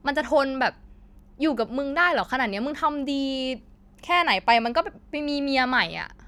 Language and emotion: Thai, frustrated